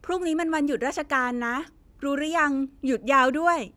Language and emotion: Thai, neutral